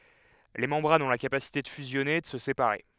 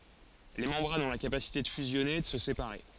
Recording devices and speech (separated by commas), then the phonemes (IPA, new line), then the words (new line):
headset microphone, forehead accelerometer, read sentence
le mɑ̃bʁanz ɔ̃ la kapasite də fyzjɔne e də sə sepaʁe
Les membranes ont la capacité de fusionner et de se séparer.